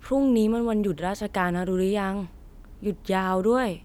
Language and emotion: Thai, neutral